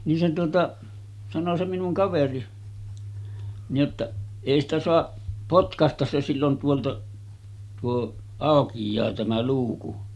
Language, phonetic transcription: Finnish, nin se tuota , 'sano se minuŋ 'kaveri , nij jottaˀ , » 'èi ‿stä soaˀ , 'potkastas se sillon tuoltaˀ , tuo 'àokij̆jaa tämä 'luuku « .
- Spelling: niin se tuota sanoi se minun kaveri niin jotta ei sitä saa potkaista se silloin tuolta tuo aukeaa tämä luukku

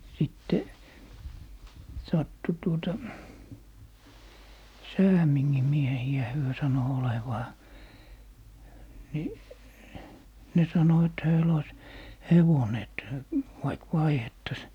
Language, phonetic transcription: Finnish, 'sìtte , 'sattu tuota , Säämiŋŋim 'miehi₍ä 'hyö sano 'olevaa , ni , ne 'sano et 'höil ‿ois , "hevone et , 'vaik "vaihettas .
- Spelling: sitten sattui tuota Säämingin miehiä he sanoi olevansa niin ne sanoi että heillä olisi hevonen että vaikka vaihdettaisiin

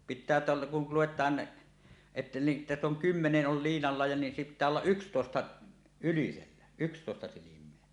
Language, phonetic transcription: Finnish, pit̆tää teältä , kul 'luwet̀aan , että ni , 'täss ‿oŋ "kymmeneˀ ˀol 'liinalla ja ni 'pit̆tää ollaˀ "ˀykstòesta , ylisellä , "ykstòesta 'silim̀eä .
- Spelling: pitää täältä kun luetaan että niin tässä on kymmenen oli liinalla ja niin pitää olla yksitoista ylisellä yksitoista silmää

